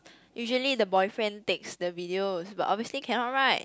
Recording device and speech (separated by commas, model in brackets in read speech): close-talking microphone, conversation in the same room